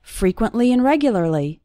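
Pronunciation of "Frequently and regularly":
In 'frequently and regularly', the word 'and' becomes just an n sound between the two more important words.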